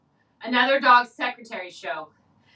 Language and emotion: English, sad